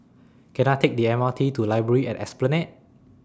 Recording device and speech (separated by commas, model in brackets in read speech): standing microphone (AKG C214), read sentence